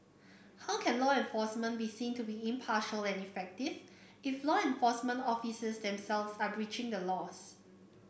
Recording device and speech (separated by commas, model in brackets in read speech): boundary microphone (BM630), read sentence